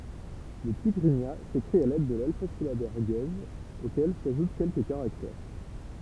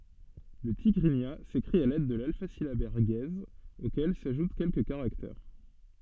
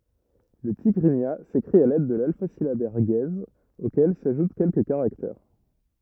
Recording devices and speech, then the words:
temple vibration pickup, soft in-ear microphone, rigid in-ear microphone, read sentence
Le tigrigna s'écrit à l'aide de l'alphasyllabaire guèze auquel s'ajoutent quelques caractères.

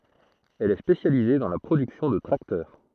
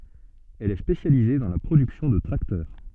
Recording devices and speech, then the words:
throat microphone, soft in-ear microphone, read sentence
Elle est spécialisée dans la production de tracteurs.

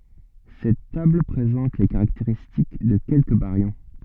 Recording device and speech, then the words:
soft in-ear microphone, read sentence
Cette table présente les caractéristiques de quelques baryons.

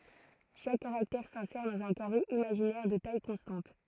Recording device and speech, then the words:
throat microphone, read sentence
Chaque caractère s'insère dans un carré imaginaire de taille constante.

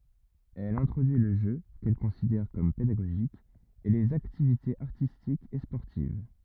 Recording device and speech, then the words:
rigid in-ear microphone, read sentence
Elle introduit le jeu, qu'elle considère comme pédagogique, et les activités artistiques et sportives.

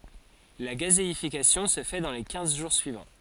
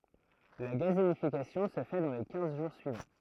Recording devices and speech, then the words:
forehead accelerometer, throat microphone, read sentence
La gazéification se fait dans les quinze jours suivants.

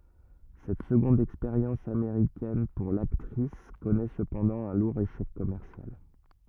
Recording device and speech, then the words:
rigid in-ear microphone, read sentence
Cette seconde expérience américaine pour l'actrice connaît cependant un lourd échec commercial.

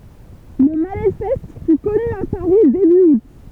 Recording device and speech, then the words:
temple vibration pickup, read sentence
Le manifeste fut connu à Paris début août.

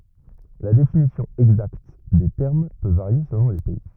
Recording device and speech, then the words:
rigid in-ear microphone, read sentence
La définition exacte des termes peut varier selon les pays.

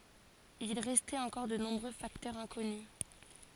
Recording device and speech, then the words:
forehead accelerometer, read sentence
Il restait encore de nombreux facteurs inconnus.

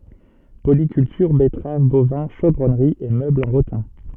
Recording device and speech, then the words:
soft in-ear microphone, read sentence
Polyculture, betteraves, bovins, chaudronnerie et meubles en rotin.

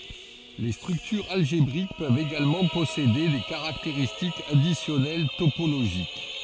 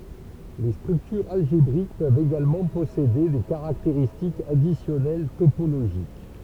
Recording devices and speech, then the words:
forehead accelerometer, temple vibration pickup, read sentence
Les structures algébriques peuvent également posséder des caractéristiques additionnelles topologiques.

